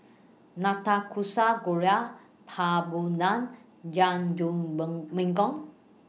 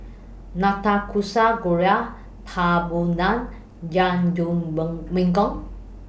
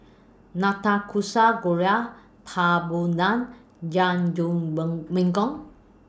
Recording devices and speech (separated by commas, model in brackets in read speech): mobile phone (iPhone 6), boundary microphone (BM630), standing microphone (AKG C214), read sentence